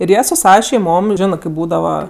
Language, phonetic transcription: Lithuanian, ir ˈjie su ˈsava šeiˈmom ˈžinɜ kɜp ˈbūdava

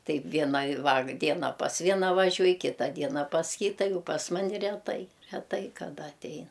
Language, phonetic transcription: Lithuanian, ˈtai ˈviena vak ˈdiena pas ˈviena vaˈžiuoj ˈkyta ˈdiena pas ˈkyta ˈjau pas ˈmani retˈai reˈtai kaˈda atˈei

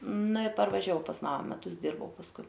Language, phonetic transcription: Lithuanian, ˈna ir parvaˈžiau pas ˈmama meˈtus ˈdyrbau pasˈkui

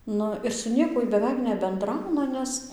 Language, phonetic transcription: Lithuanian, ˈnu ir su ˈniekuoj beˈveik nebenˈdrauna ˈnes

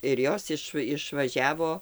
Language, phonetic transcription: Lithuanian, ir ˈjos iš išvaˈžiavo

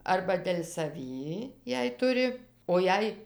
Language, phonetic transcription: Lithuanian, arba del' saˈvį jei ˈturi o ˈjei

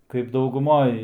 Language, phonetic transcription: Lithuanian, kaip dauguˈmoj

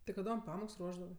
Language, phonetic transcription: Lithuanian, ti kaˈdom ˈpamoks ˈruošdavɜ

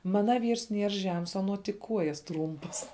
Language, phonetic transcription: Lithuanian, ˈmana ˈvyrs ˈnier ˈžems aˈnuo tik ˈkuojas ˈtrūmpas

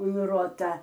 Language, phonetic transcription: Lithuanian, un ˈruota

